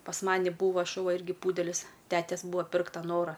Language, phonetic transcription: Lithuanian, pas ˈmani ˈbūvo šuˈva ˈirgi ˈpūdelis ˈtetes ˈbūa ˈpirkta ˈnora

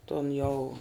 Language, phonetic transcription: Lithuanian, tun jau

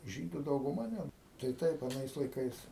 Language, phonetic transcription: Lithuanian, ˈžydu dauguˈma net tai ˈtaip aˈnais laiˈkais

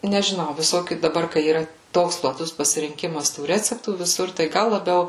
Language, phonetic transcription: Lithuanian, nežiˈnau viˈsokių daˈbar kai yˈra ˈtoks plaˈtus pasirinˈkimas tų ˈreceptų viˈsur tai ˈgal laˈbiau

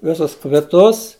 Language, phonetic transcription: Lithuanian, ˈvisus kviˈtus

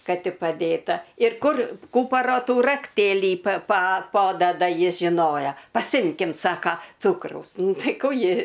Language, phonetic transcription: Lithuanian, ˈka ˈti paˈdėta ir ˈkur ˈkūparo ˈtų rakˈtėlį pa pa ˈpodada ˈjis žiˈnoja paˈsimkim ˈsaka ˈcūkraus ˈnu ˈtai ˈkų ˈji

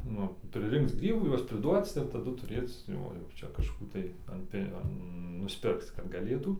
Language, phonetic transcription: Lithuanian, nu priˈrinkc ˈgrybų ˈjuos priˈduoc ir taˈdu tuˈrėc ˈjo jau ˈčia kažˈkų tai an ˈpi an nusˈpirkc kad gaˈlėtų

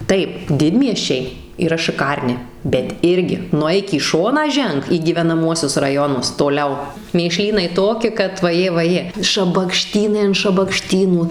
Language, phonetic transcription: Lithuanian, ˈtaip ˈdidmiesčiai yˈra šɨˈkarni bet ˈirgi nuˈeik į ˈšoną ˈženk į gyvenaˈmuosius raˈjonus toˈliau mėˈšlynai ˈtoki kad vaˈjė vaˈjė šabakˈštynai an šabakˈštynų

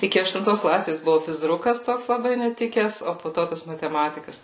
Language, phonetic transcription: Lithuanian, ˈiki aštunˈtos ˈklasės ˈbuvu fizˈrukas ˈtoks laˈbai neˈtikes o po ˈto tas mateˈmatikas

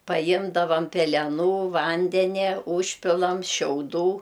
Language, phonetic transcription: Lithuanian, paˈjimdavam peleˈnų ˈvandenia ˈūžpilam šiauˈdų

